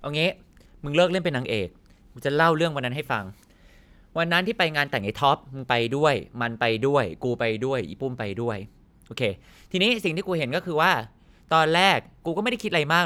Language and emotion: Thai, frustrated